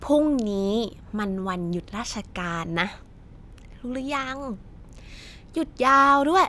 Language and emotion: Thai, frustrated